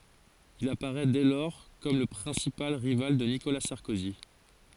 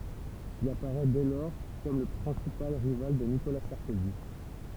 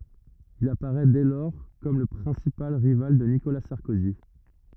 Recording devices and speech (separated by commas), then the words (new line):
forehead accelerometer, temple vibration pickup, rigid in-ear microphone, read sentence
Il apparaît dès lors comme le principal rival de Nicolas Sarkozy.